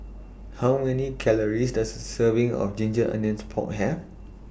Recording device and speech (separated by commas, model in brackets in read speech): boundary microphone (BM630), read sentence